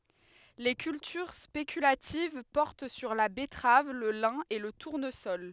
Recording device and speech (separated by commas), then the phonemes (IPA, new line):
headset microphone, read sentence
le kyltyʁ spekylativ pɔʁt syʁ la bɛtʁav lə lɛ̃ e lə tuʁnəsɔl